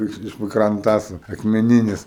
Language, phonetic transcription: Lithuanian, ˈiš iš vɨkranˈtasu akmeˈninis

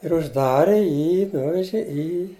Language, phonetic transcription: Lithuanian, ir užˈdari ˈjį ˈnuveži ˈį

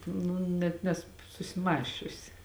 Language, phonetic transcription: Lithuanian, ˈnu net ˈnesu susiˈmąsčiusi

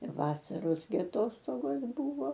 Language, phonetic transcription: Lithuanian, ir ˈvasaros gi aˈtostogos ˈbūvo

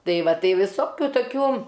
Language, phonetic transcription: Lithuanian, ˈtai ˈva ˈtai viˈsokiu toˈkių

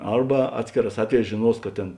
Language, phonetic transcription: Lithuanian, ˈarba ˈatskėˌrās ˈatveˌjēs žėˈnuos kad ˈtėn

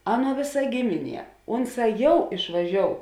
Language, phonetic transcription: Lithuanian, ˈaˌnuo ˈvėˌsa ˈgimiˌnie ˈunˌsā ˈjau išvaˈžiou

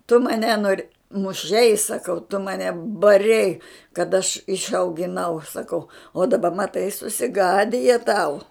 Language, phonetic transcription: Lithuanian, tu maˈne nor' muˈšei saˈkau tu maˈne baˈrei kad aš išaugiˈnau saˈkau o daˈba maˈtai susiˈgadija tau

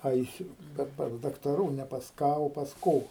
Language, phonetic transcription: Lithuanian, ˈaisiu ˈkad pas daktaˈrų ne pas ˈką o pas ˈko

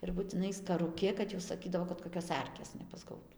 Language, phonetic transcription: Lithuanian, ir butiˈnai skaruˈki kad jau saˈkydavo kad koˈkios ˈarkės nepasˈgautu

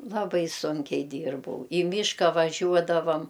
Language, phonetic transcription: Lithuanian, laˈbai ˈsunkiai ˈdyrbau į ˈmyška vaˈžiuodavam

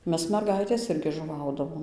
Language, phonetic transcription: Lithuanian, ˈmes merˈgaitės ˈirgi žuˈvaudavom

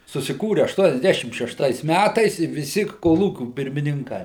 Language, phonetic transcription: Lithuanian, susiˈkūri aštuoniasˈdæšim šešˈtais ˈmætais i viˈsi koˈlūkių pirmininˈkai

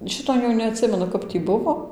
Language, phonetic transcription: Lithuanian, ˈšito jau neatˈsimenu ˈkap tį ˈbuvo

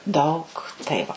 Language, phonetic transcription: Lithuanian, ˈdaug tai ˈva

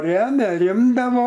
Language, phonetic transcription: Lithuanian, ˈremia ˈrimdavo

